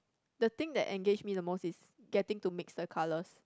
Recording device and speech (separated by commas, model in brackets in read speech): close-talking microphone, conversation in the same room